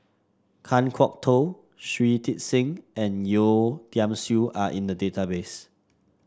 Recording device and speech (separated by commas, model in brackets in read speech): standing microphone (AKG C214), read sentence